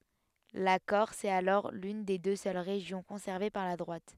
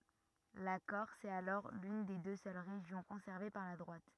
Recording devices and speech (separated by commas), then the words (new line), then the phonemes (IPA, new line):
headset microphone, rigid in-ear microphone, read sentence
La Corse est alors l'une des deux seules régions conservées par la droite.
la kɔʁs ɛt alɔʁ lyn de dø sœl ʁeʒjɔ̃ kɔ̃sɛʁve paʁ la dʁwat